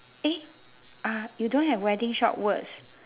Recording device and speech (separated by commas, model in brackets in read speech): telephone, conversation in separate rooms